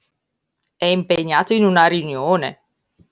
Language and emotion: Italian, surprised